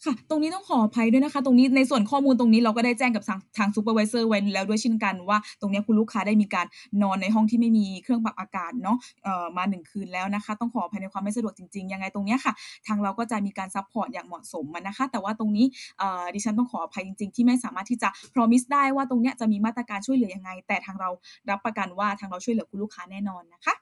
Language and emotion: Thai, happy